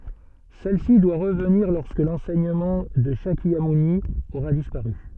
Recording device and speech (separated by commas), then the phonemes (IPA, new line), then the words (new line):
soft in-ear microphone, read sentence
sɛl si dwa ʁəvniʁ lɔʁskə lɑ̃sɛɲəmɑ̃ də ʃakjamuni oʁa dispaʁy
Celle-ci doit revenir lorsque l'enseignement de Shakyamouni aura disparu.